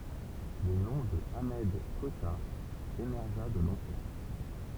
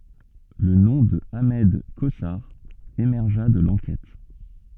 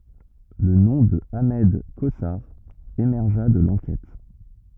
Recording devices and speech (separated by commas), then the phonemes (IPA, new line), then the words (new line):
temple vibration pickup, soft in-ear microphone, rigid in-ear microphone, read sentence
lə nɔ̃ də aʁmɛd kozaʁ emɛʁʒa də lɑ̃kɛt
Le nom de Ahmed Cosar émergea de l'enquête.